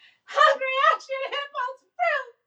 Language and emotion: English, sad